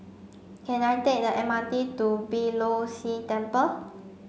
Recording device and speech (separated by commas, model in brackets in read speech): mobile phone (Samsung C5), read sentence